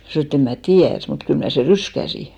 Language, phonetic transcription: Finnish, mä 'snò e't‿ » em mä "tiär , mut 'kyl mnä̀ se "ryskäsi « .
- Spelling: minä sanoin että en minä tiedä mutta kyllä minä sen ryskäsin

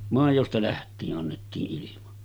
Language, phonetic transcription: Finnish, 'màijosta 'läht̆tii’ ’annettii’ ’ilima .
- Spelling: maidosta lähtien annettiin ilman

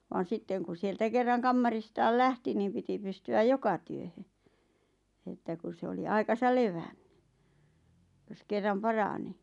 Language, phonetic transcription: Finnish, vaan̬ 'sitteŋ kun̬ 'sieltä kerraŋ "kammaris-taal "lähti niim piti 'pysty₍äj "joka työhö , että kus 'se oli 'aikasal "levänɴʏ , jos kerram "parani .
- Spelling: vaan sitten kun sieltä kerran kamaristaan lähti niin piti pystyä joka työhön että kun se oli aikansa levännyt jos kerran parani

